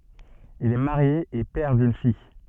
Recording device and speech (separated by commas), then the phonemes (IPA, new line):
soft in-ear microphone, read sentence
il ɛ maʁje e pɛʁ dyn fij